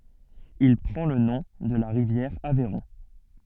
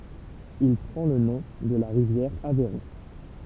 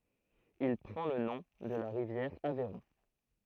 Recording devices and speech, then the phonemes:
soft in-ear microphone, temple vibration pickup, throat microphone, read sentence
il pʁɑ̃ lə nɔ̃ də la ʁivjɛʁ avɛʁɔ̃

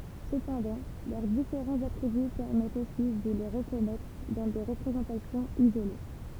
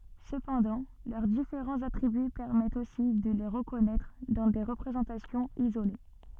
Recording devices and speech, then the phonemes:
temple vibration pickup, soft in-ear microphone, read sentence
səpɑ̃dɑ̃ lœʁ difeʁɑ̃z atʁiby pɛʁmɛtt osi də le ʁəkɔnɛtʁ dɑ̃ de ʁəpʁezɑ̃tasjɔ̃z izole

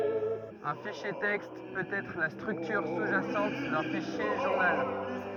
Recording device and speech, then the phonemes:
rigid in-ear microphone, read sentence
œ̃ fiʃje tɛkst pøt ɛtʁ la stʁyktyʁ su ʒasɑ̃t dœ̃ fiʃje ʒuʁnal

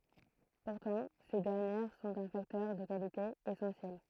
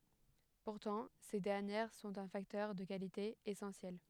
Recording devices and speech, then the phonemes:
throat microphone, headset microphone, read sentence
puʁtɑ̃ se dɛʁnjɛʁ sɔ̃t œ̃ faktœʁ də kalite esɑ̃sjɛl

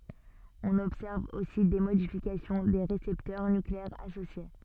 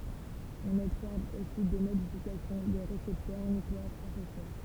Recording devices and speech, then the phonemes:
soft in-ear microphone, temple vibration pickup, read sentence
ɔ̃n ɔbsɛʁv osi de modifikasjɔ̃ de ʁesɛptœʁ nykleɛʁz asosje

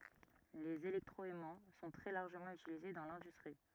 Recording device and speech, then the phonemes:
rigid in-ear microphone, read sentence
lez elɛktʁɔɛmɑ̃ sɔ̃ tʁɛ laʁʒəmɑ̃ ytilize dɑ̃ lɛ̃dystʁi

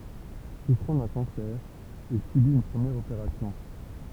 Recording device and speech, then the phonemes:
temple vibration pickup, read sentence
sufʁɑ̃ dœ̃ kɑ̃sɛʁ il sybit yn pʁəmjɛʁ opeʁasjɔ̃

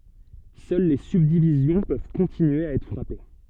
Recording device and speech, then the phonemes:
soft in-ear microphone, read sentence
sœl le sybdivizjɔ̃ pøv kɔ̃tinye a ɛtʁ fʁape

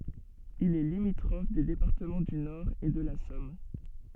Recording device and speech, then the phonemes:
soft in-ear microphone, read sentence
il ɛ limitʁɔf de depaʁtəmɑ̃ dy nɔʁ e də la sɔm

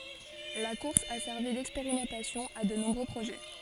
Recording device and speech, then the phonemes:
forehead accelerometer, read sentence
la kuʁs a sɛʁvi dɛkspeʁimɑ̃tasjɔ̃ a də nɔ̃bʁø pʁoʒɛ

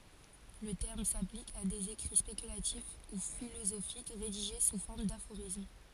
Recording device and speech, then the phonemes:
forehead accelerometer, read sentence
lə tɛʁm saplik a dez ekʁi spekylatif u filozofik ʁediʒe su fɔʁm dafoʁism

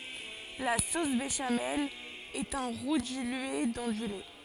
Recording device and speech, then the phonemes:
forehead accelerometer, read sentence
la sos beʃamɛl ɛt œ̃ ʁu dilye dɑ̃ dy lɛ

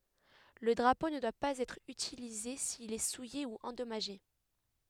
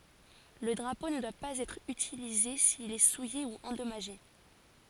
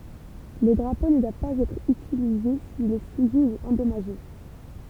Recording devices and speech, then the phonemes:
headset microphone, forehead accelerometer, temple vibration pickup, read sentence
lə dʁapo nə dwa paz ɛtʁ ytilize sil ɛ suje u ɑ̃dɔmaʒe

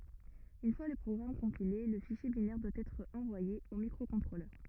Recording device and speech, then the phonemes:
rigid in-ear microphone, read sentence
yn fwa lə pʁɔɡʁam kɔ̃pile lə fiʃje binɛʁ dwa ɛtʁ ɑ̃vwaje o mikʁokɔ̃tʁolœʁ

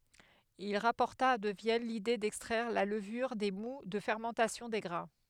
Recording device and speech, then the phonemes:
headset microphone, read sentence
il ʁapɔʁta də vjɛn lide dɛkstʁɛʁ la ləvyʁ de mu də fɛʁmɑ̃tasjɔ̃ de ɡʁɛ̃

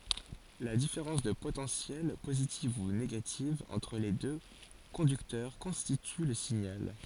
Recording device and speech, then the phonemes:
forehead accelerometer, read sentence
la difeʁɑ̃s də potɑ̃sjɛl pozitiv u neɡativ ɑ̃tʁ le dø kɔ̃dyktœʁ kɔ̃stity lə siɲal

